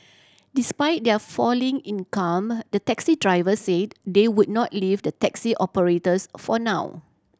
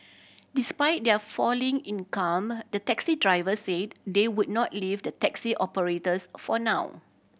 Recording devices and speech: standing microphone (AKG C214), boundary microphone (BM630), read sentence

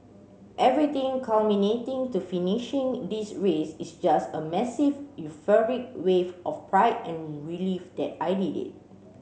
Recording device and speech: mobile phone (Samsung C7), read sentence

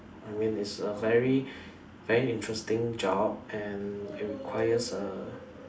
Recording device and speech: standing microphone, conversation in separate rooms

